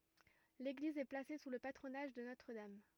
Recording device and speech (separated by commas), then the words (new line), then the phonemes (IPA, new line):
rigid in-ear microphone, read sentence
L'église est placée sous le patronage de Notre-Dame.
leɡliz ɛ plase su lə patʁonaʒ də notʁ dam